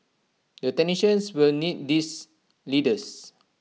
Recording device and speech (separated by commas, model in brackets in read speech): mobile phone (iPhone 6), read sentence